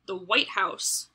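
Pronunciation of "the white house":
In 'the white house', the emphasis falls on 'white', not on 'house'.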